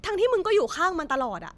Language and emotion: Thai, angry